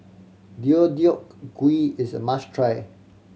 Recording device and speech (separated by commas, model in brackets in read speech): mobile phone (Samsung C7100), read sentence